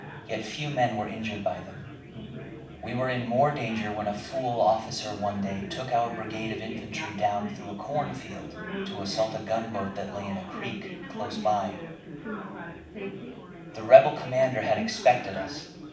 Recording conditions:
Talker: one person; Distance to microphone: 5.8 m; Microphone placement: far; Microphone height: 1.8 m; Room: medium-sized (5.7 m by 4.0 m); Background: babble

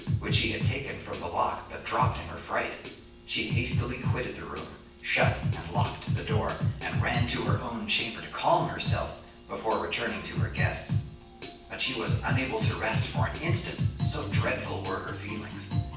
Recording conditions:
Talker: one person; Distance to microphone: 9.8 m; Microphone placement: far; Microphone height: 1.8 m; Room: large; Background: music

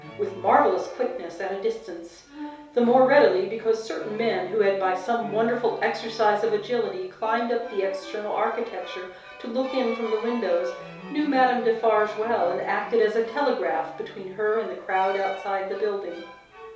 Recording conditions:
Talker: one person; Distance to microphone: 3.0 m; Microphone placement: far; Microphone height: 1.8 m; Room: small (3.7 m by 2.7 m); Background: music

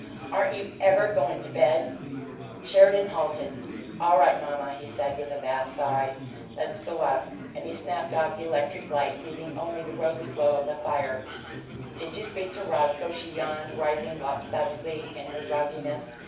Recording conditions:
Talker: one person; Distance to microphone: 5.8 m; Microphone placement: far; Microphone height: 1.8 m; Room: medium-sized (5.7 m by 4.0 m); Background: babble

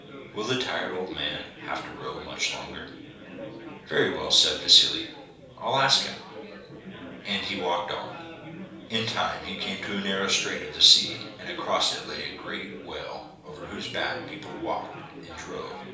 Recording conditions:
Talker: one person; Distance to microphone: 3.0 m; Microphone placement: far; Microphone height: 1.8 m; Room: small (3.7 m by 2.7 m); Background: babble

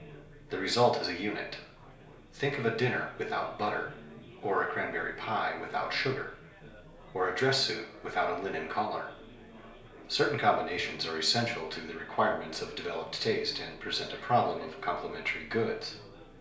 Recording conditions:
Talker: one person; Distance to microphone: 1.0 m; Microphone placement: close; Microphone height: 1.1 m; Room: small (3.7 m by 2.7 m); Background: babble

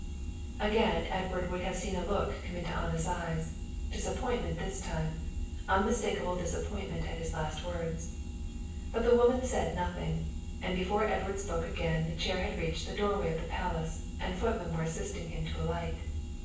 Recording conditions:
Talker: one person; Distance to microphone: 9.8 m; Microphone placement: far; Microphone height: 1.8 m; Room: large; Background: none

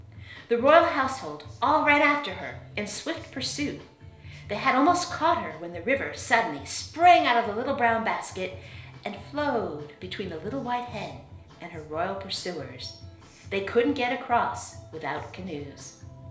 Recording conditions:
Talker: one person; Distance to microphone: 1.0 m; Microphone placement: close; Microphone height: 1.1 m; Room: small (3.7 m by 2.7 m); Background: music

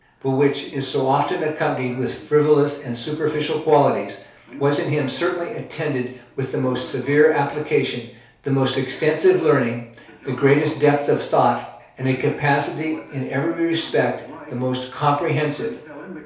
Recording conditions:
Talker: one person; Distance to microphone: 3.0 m; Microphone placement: far; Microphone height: 1.8 m; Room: small (3.7 m by 2.7 m); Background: television

